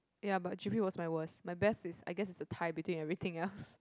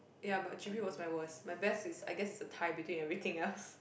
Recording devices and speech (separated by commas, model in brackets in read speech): close-talking microphone, boundary microphone, conversation in the same room